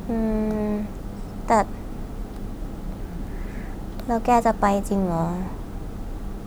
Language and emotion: Thai, frustrated